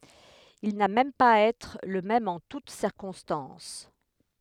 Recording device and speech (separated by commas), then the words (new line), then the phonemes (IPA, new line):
headset microphone, read sentence
Il n'a même pas à être le même en toute circonstances.
il na mɛm paz a ɛtʁ lə mɛm ɑ̃ tut siʁkɔ̃stɑ̃s